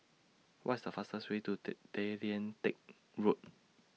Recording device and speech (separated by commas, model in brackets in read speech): mobile phone (iPhone 6), read sentence